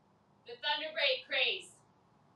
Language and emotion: English, sad